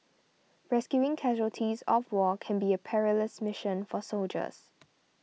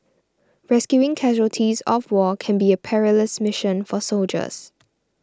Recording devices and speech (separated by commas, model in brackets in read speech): mobile phone (iPhone 6), standing microphone (AKG C214), read sentence